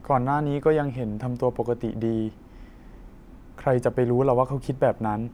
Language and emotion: Thai, sad